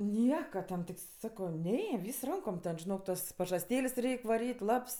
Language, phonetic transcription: Lithuanian, ˈnieka ten tik ˈsakau ˈne ˈvys ˈrankom ˈten žiˈnok ˈtas pažasˈtėlės' ˈreik' vaˈryt' ˈlaps

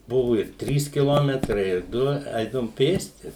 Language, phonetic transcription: Lithuanian, ˈbuvu ir ˈtrys kiˈlometrai ir ˈdu ˈeidavum ˈpėsti

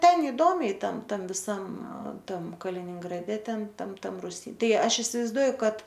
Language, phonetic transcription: Lithuanian, ˈten iˈdomiai ˈtam ˈtam viˈsam ˈtam kaliningraˈde ˈten ˈtam ˈtam ruˈsy ˈtai ˈaš isivaizˈduoju ˈkad

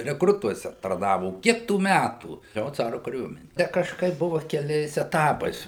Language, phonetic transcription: Lithuanian, rekˈrutuose tarˈnavo o ˈkiek tų ˈmætų ˈjo ˈcaru kaˈriuomeni ˈte kažˈkaip ˈbuva keˈliais eˈtapais

